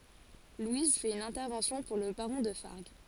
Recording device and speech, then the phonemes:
forehead accelerometer, read sentence
lwiz fɛt yn ɛ̃tɛʁvɑ̃sjɔ̃ puʁ lə baʁɔ̃ də faʁɡ

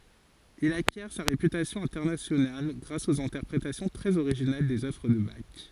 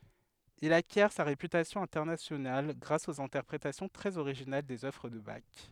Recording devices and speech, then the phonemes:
forehead accelerometer, headset microphone, read sentence
il akjɛʁ sa ʁepytasjɔ̃ ɛ̃tɛʁnasjonal ɡʁas oz ɛ̃tɛʁpʁetasjɔ̃ tʁɛz oʁiʒinal dez œvʁ də bak

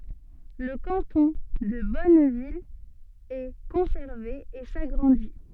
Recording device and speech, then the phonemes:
soft in-ear microphone, read sentence
lə kɑ̃tɔ̃ də bɔnvil ɛ kɔ̃sɛʁve e saɡʁɑ̃di

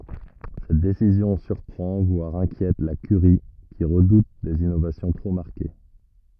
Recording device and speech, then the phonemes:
rigid in-ear microphone, read sentence
sɛt desizjɔ̃ syʁpʁɑ̃ vwaʁ ɛ̃kjɛt la kyʁi ki ʁədut dez inovasjɔ̃ tʁo maʁke

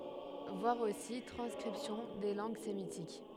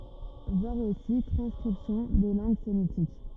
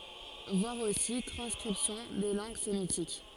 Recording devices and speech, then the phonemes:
headset microphone, rigid in-ear microphone, forehead accelerometer, read sentence
vwaʁ osi tʁɑ̃skʁipsjɔ̃ de lɑ̃ɡ semitik

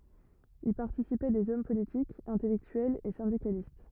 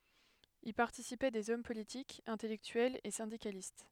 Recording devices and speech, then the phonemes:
rigid in-ear microphone, headset microphone, read sentence
i paʁtisipɛ dez ɔm politikz ɛ̃tɛlɛktyɛlz e sɛ̃dikalist

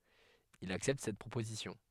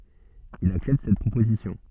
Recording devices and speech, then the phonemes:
headset microphone, soft in-ear microphone, read sentence
il aksɛpt sɛt pʁopozisjɔ̃

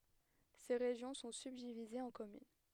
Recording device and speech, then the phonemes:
headset microphone, read sentence
se ʁeʒjɔ̃ sɔ̃ sybdivizez ɑ̃ kɔmyn

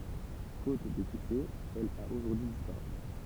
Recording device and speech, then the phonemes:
temple vibration pickup, read sentence
fot də syksɛ ɛl a oʒuʁdyi dispaʁy

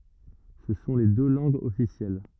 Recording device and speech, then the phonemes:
rigid in-ear microphone, read sentence
sə sɔ̃ le dø lɑ̃ɡz ɔfisjɛl

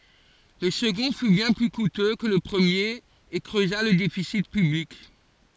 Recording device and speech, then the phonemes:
forehead accelerometer, read sentence
lə səɡɔ̃ fy bjɛ̃ ply kutø kə lə pʁəmjeʁ e kʁøza lə defisi pyblik

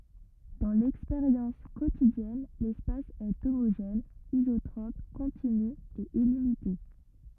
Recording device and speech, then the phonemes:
rigid in-ear microphone, read sentence
dɑ̃ lɛkspeʁjɑ̃s kotidjɛn lɛspas ɛ omoʒɛn izotʁɔp kɔ̃tiny e ilimite

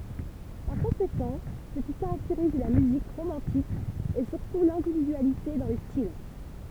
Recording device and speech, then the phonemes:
temple vibration pickup, read sentence
paʁ kɔ̃sekɑ̃ sə ki kaʁakteʁiz la myzik ʁomɑ̃tik ɛ syʁtu lɛ̃dividyalite dɑ̃ le stil

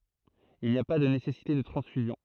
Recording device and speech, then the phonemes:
throat microphone, read sentence
il ni a pa də nesɛsite də tʁɑ̃sfyzjɔ̃

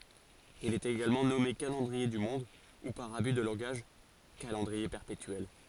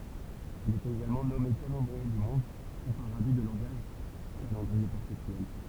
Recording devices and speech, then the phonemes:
forehead accelerometer, temple vibration pickup, read sentence
il ɛt eɡalmɑ̃ nɔme kalɑ̃dʁie dy mɔ̃d u paʁ aby də lɑ̃ɡaʒ kalɑ̃dʁie pɛʁpetyɛl

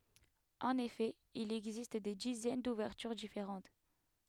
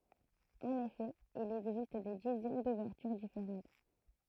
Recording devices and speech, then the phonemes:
headset microphone, throat microphone, read sentence
ɑ̃n efɛ il ɛɡzist de dizɛn duvɛʁtyʁ difeʁɑ̃t

